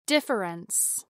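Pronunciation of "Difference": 'Difference' is said with all its syllables pronounced, and the unstressed vowel is not dropped.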